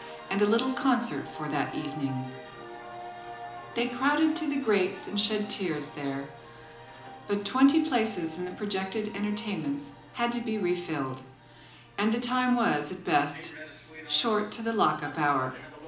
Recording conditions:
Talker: one person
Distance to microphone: 2.0 m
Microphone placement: close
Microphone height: 99 cm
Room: medium-sized (5.7 m by 4.0 m)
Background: television

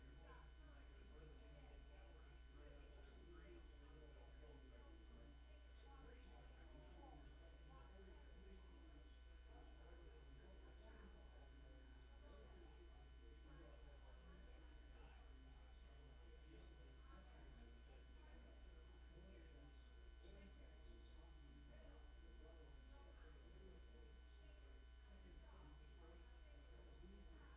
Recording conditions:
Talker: no one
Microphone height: 71 cm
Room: large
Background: babble

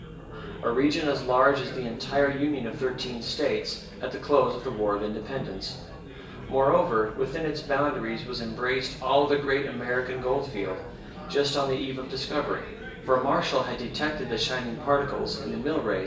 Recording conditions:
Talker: one person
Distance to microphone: 1.8 m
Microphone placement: close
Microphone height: 1.0 m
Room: large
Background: babble

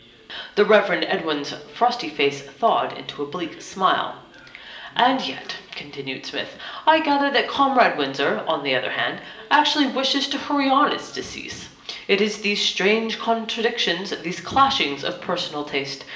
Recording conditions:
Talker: one person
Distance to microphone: 1.8 m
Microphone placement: close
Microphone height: 1.0 m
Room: large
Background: television

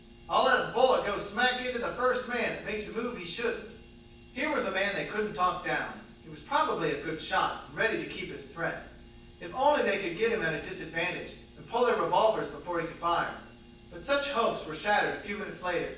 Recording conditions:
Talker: one person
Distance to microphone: 9.8 m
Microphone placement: far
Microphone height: 1.8 m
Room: large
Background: none

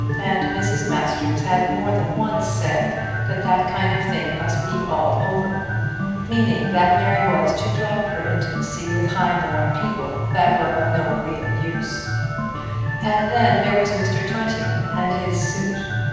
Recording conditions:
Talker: one person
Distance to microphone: 7.1 m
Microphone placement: far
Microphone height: 1.7 m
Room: very reverberant, large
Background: music

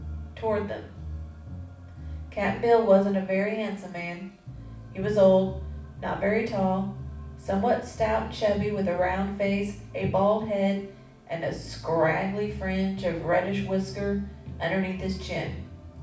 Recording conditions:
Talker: one person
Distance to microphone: 5.8 m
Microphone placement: far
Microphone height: 1.8 m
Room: medium-sized (5.7 m by 4.0 m)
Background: music

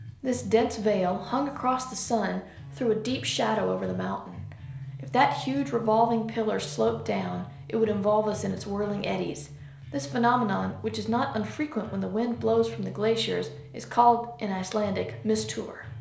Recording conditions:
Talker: one person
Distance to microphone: 1.0 m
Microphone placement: close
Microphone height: 1.1 m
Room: small (3.7 m by 2.7 m)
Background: music

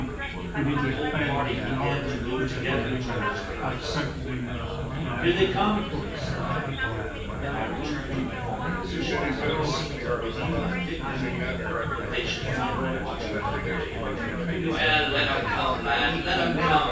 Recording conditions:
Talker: one person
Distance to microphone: 9.8 m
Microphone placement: far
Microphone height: 1.8 m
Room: large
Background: babble

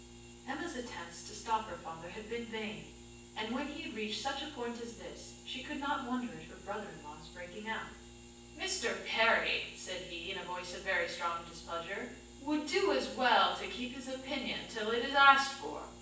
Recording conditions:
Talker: one person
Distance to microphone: 9.8 m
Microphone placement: far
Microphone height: 1.8 m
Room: large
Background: none

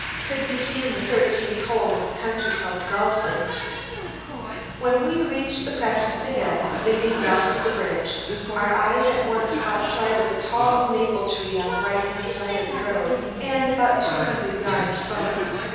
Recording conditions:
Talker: one person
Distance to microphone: 7.1 m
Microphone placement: far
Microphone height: 1.7 m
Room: very reverberant, large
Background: television

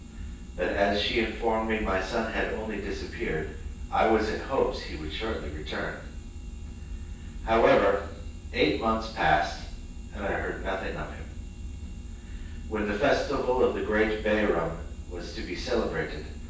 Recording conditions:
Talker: one person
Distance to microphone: 9.8 m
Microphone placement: far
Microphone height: 1.8 m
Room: large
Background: none

